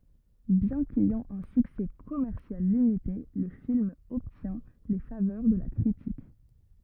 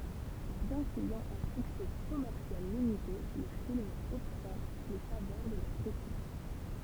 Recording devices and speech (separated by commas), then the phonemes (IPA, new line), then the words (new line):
rigid in-ear microphone, temple vibration pickup, read sentence
bjɛ̃ kɛjɑ̃ œ̃ syksɛ kɔmɛʁsjal limite lə film ɔbtjɛ̃ le favœʁ də la kʁitik
Bien qu'ayant un succès commercial limité, le film obtient les faveurs de la critique.